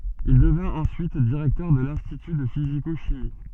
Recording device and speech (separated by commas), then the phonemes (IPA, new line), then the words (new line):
soft in-ear microphone, read sentence
il dəvɛ̃t ɑ̃syit diʁɛktœʁ də lɛ̃stity də fiziko ʃimi
Il devint ensuite directeur de l'institut de physico-chimie.